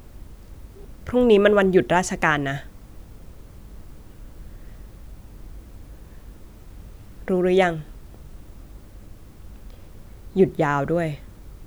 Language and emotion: Thai, frustrated